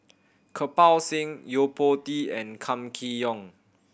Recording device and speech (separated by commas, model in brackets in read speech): boundary microphone (BM630), read sentence